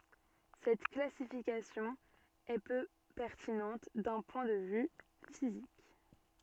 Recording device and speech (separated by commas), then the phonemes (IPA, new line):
soft in-ear microphone, read sentence
sɛt klasifikasjɔ̃ ɛ pø pɛʁtinɑ̃t dœ̃ pwɛ̃ də vy fizik